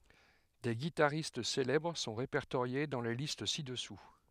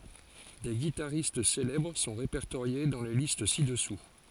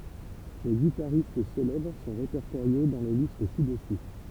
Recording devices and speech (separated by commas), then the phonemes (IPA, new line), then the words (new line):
headset microphone, forehead accelerometer, temple vibration pickup, read sentence
de ɡitaʁist selɛbʁ sɔ̃ ʁepɛʁtoʁje dɑ̃ le list sidɛsu
Des guitaristes célèbres sont répertoriés dans les listes ci-dessous.